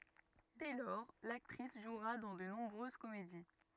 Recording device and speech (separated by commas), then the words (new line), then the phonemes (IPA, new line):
rigid in-ear microphone, read sentence
Dès lors, l'actrice jouera dans de nombreuses comédies.
dɛ lɔʁ laktʁis ʒwʁa dɑ̃ də nɔ̃bʁøz komedi